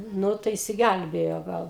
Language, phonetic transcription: Lithuanian, ˈnu tai išsiˈgælbėjo ˈgal

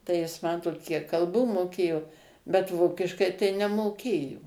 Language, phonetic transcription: Lithuanian, tai ˈjis ˈmatot ˈkiek kalˈbų moˈkėjo bet ˈvokiškai tai nemoˈkėjo

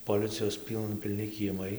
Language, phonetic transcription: Lithuanian, poˈlicijos ˈpylna pilˈni kieˈmai

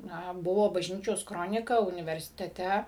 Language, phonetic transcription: Lithuanian, na ˈbuvo bažˈnyčios ˈkronika universiteˈte

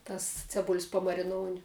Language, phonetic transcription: Lithuanian, ˈtas ciaˈbul's' pamariˈnouni

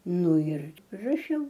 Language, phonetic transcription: Lithuanian, ˈnu ir raˈšiau

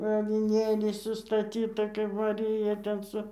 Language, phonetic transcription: Lithuanian, aviˈnėliai sustaˈtyta kaip maˈrija ten ˈsu

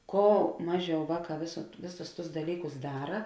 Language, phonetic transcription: Lithuanian, ˈko ˈmaˌžiau ˈvāˌkā vės ˈvėˌsus tus daˈlykus ˈdara

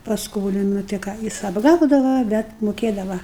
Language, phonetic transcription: Lithuanian, pasˈkolina tai ˈką ˈjis apˈgaudava bet muˈkėdava

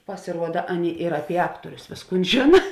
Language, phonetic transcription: Lithuanian, pasiˈruoda ˈaˌnėi ir ˈapie ˈaktuorius ˈvėsˌkūn ˈžėna

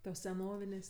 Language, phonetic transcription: Lithuanian, tos seˈnovinės'

